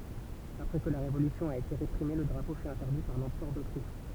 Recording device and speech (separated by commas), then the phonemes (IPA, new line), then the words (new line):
temple vibration pickup, read sentence
apʁɛ kə la ʁevolysjɔ̃ a ete ʁepʁime lə dʁapo fy ɛ̃tɛʁdi paʁ lɑ̃pʁœʁ dotʁiʃ
Après que la révolution a été réprimée, le drapeau fut interdit par l'Empereur d'Autriche.